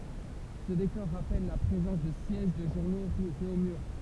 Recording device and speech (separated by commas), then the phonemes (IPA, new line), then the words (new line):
temple vibration pickup, read sentence
sə dekɔʁ ʁapɛl la pʁezɑ̃s də sjɛʒ də ʒuʁno ʁy ʁeomyʁ
Ce décor rappelle la présence de sièges de journaux rue Réaumur.